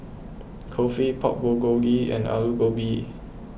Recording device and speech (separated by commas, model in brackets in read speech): boundary microphone (BM630), read sentence